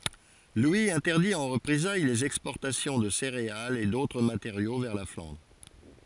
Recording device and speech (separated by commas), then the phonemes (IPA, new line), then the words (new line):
forehead accelerometer, read sentence
lwi ɛ̃tɛʁdi ɑ̃ ʁəpʁezaj lez ɛkspɔʁtasjɔ̃ də seʁealz e dotʁ mateʁjo vɛʁ la flɑ̃dʁ
Louis interdit en représailles les exportations de céréales et d'autres matériaux vers la Flandre.